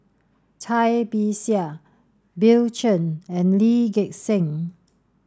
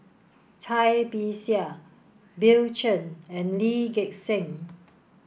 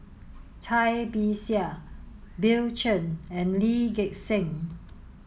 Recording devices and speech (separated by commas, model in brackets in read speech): standing microphone (AKG C214), boundary microphone (BM630), mobile phone (Samsung S8), read sentence